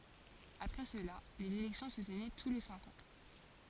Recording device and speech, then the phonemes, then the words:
forehead accelerometer, read sentence
apʁɛ səla lez elɛktjɔ̃ sə tənɛ tu le sɛ̃k ɑ̃
Après cela, les élections se tenaient tous les cinq ans.

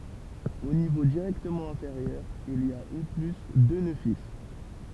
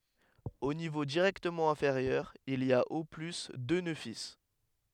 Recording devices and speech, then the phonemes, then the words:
temple vibration pickup, headset microphone, read sentence
o nivo diʁɛktəmɑ̃ ɛ̃feʁjœʁ il i a o ply dø nø fil
Au niveau directement inférieur, il y a au plus deux nœuds fils.

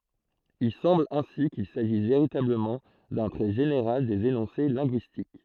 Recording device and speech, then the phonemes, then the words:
throat microphone, read sentence
il sɑ̃bl ɛ̃si kil saʒis veʁitabləmɑ̃ dœ̃ tʁɛ ʒeneʁal dez enɔ̃se lɛ̃ɡyistik
Il semble ainsi qu'il s'agisse véritablement d'un trait général des énoncés linguistiques.

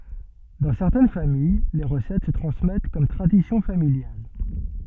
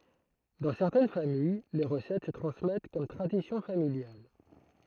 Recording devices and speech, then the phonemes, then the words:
soft in-ear microphone, throat microphone, read sentence
dɑ̃ sɛʁtɛn famij le ʁəsɛt sə tʁɑ̃smɛt kɔm tʁadisjɔ̃ familjal
Dans certaines familles, les recettes se transmettent comme tradition familiale.

